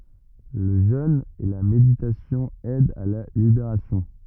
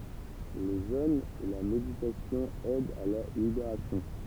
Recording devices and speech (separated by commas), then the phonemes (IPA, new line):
rigid in-ear microphone, temple vibration pickup, read sentence
lə ʒøn e la meditasjɔ̃ ɛdt a la libeʁasjɔ̃